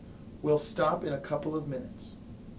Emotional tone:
neutral